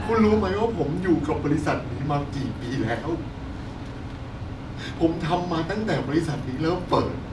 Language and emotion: Thai, sad